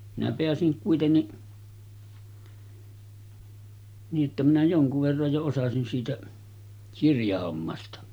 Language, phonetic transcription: Finnish, minä peäsiŋ 'kuitenni , nii’ ’että minä 'joŋkuv verraj jo osasin siitä , 'kirjahommasta .
- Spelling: minä pääsin kuitenkin niin että minä jonkun verran jo osasin siitä kirjahommasta

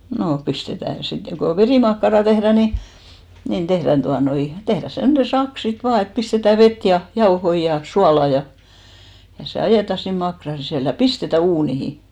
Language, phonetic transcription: Finnish, 'noo , 'pistetä̀ sit , ko 'verìmakkarà tehrä̀ ni , nin 'tehrän 'tuanoi , 'tehrä 'semnen̬ "sak sit 'vaa et pistetä 'vet ja , 'jaohoi ja 'suala ja , ja 'se "ajèta sin 'makran̬ sisä̀l ja "pistetä 'uunihi .
- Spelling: no pistetään sitten kun verimakkaraa tehdään niin niin tehdään tuota noin tehdään semmoinen sakka sitten vain että pistetään vettä ja jauhoja ja suolaa ja ja se ajetaan sinne makkaran sisälle ja pistetään uuniin

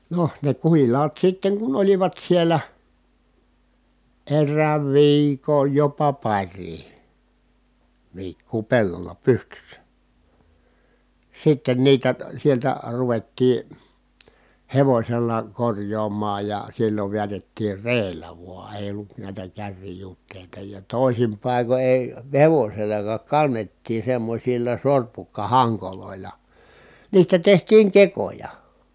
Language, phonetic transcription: Finnish, noh , ne kuhil̀aat sitteŋ kun olivat siel̀ä , errääv viikoj jopa par̀ii , viikkuu pellolla pystyssä , sitten niitä , sieltä ruvettii , hevośella korj̀oom̀aaj ja sillov viätettiir reellä vua èi̮ ollut nä̀i̮tä kärrijut̆tèita ja tòisim pàiko èi , hevosellakaak kannettii semmośilla sorpukkahaŋkolòila , niistä tehtiiŋ kekoja .
- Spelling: no ne kuhilaat sitten kun olivat siellä erään viikon jopa parikin viikkoa pellolla pystyssä sitten niitä sieltä ruvettiin hevosella korjaamaan ja silloin vedätettiin reellä vain ei ollut näitä kärrijuteita ja toisin paikoin ei hevosellakaan kannettiin semmoisilla sorpukkahangoilla niistä tehtiin kekoja

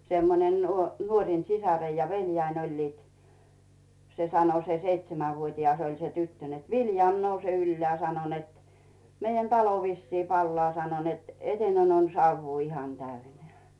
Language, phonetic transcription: Finnish, 'semmonen nuo- , nuoŕin 'sisareij ja 'veĺjäin oĺliit , se sano se 'seitsemävuot́ias oĺ se 'tyttö net » 'Viljàm nouse "yllᵉä̀ « sano net , » meijän "talo vissii 'pallᵒà « sano net , » "eteinen ‿on 'sauvvuu ihan 'täyneä̀ « .
- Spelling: semmoinen - nuorin sisar ja veljeni olivat se sanoi se seitsemänvuotias oli se tyttö että Viljami nouse ylös sanoi että meidän talo vissiin palaa sanoi että eteinen on savua ihan täynnä

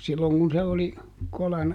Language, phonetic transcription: Finnish, ˈsilloŋ kun̬ se oli , ˈkolan ,.
- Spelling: silloin kun se oli kolan

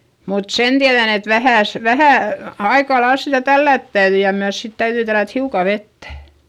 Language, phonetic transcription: Finnish, mut sen tiäδän ‿et vähä̀s- , vähä̀ , aikalails sitä tällä̀t täyδy ja myäs sit täyδyi tällät hiukà vettÄ .
- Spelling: mutta sen tiedän että - vähän aika lailla sitä tällätä täytyi ja myös sitten täytyi tällätä hiukan vettä

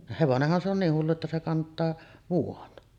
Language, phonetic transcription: Finnish, "hevonehhan se on 'niih hullu että se 'kant̀aa , 'vuon .
- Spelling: hevonenhan se on niin hullu että se kantaa vuoden

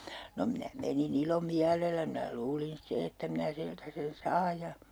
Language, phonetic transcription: Finnish, no minä 'meni'n ‿ilomiälelä minä 'luulin 'ste että minä 'siltä sen "saa ja ,.
- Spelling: no minä menin ilomielellä minä luulin sitten että minä siltä sen saan ja

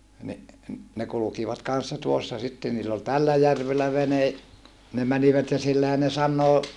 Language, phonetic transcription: Finnish, ni , ne kulukivat kan̬ssa tuossa sitte niill ‿ol tällä järvellä vene , ne mänivät ja sillähän ne sannoo ,.
- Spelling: niin ne kulkivat kanssa tuossa sitten niillä oli tällä järvellä vene ne menivät ja sillähän ne sanoo

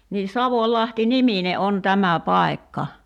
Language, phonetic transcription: Finnish, nii "Savoĺlahti "nimine '’on "tämä "pài̬kka .
- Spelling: niin Savonlahti niminen on tämä paikka

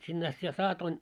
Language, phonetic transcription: Finnish, 'sinne ast sitä 'saatoin .
- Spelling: sinne asti sitä saatoin

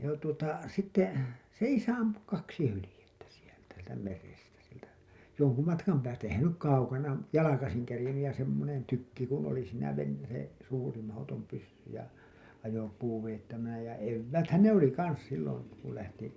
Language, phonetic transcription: Finnish, ja tuota , sitte , se "isä 'ampu 'kaksi 'hylĭjettä sieltä , sieltä merestä , sieltä , 'joŋku matkam päästä ehän se nyk 'kaukana , 'jalakasiŋ kerĭjennyj ja semmonen tykki kun oli siinä ven- , se , suuri mahotom pyssy ja , ajopuu vejettävänä ja 'evvääthän "ne ‿oli 'kans sillon̬ , ku lähti .
- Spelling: ja tuota sitten se isä ampui kaksi hyljettä sieltä sieltä merestä sieltä jonkun matkan päästä eihän se nyt kaukana jalkaisin kerinnyt ja semmoinen tykki kun oli siinä - se suuri mahdoton pyssy ja ajopuu vedettävänä ja evääthän ne oli kanssa silloin kun lähti

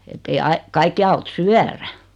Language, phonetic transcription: Finnish, 'ettei ai , 'kaikki aut "syärä .
- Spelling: että ei aina kaikkia auta syödä

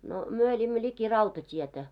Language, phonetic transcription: Finnish, 'no , 'myö eĺimmö 'ĺiki "rautat́ietä .
- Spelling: no me elimme liki rautatietä

